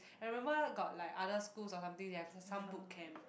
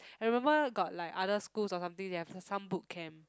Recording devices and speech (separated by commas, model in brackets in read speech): boundary microphone, close-talking microphone, conversation in the same room